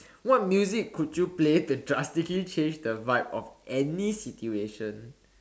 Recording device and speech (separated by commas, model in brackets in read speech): standing microphone, conversation in separate rooms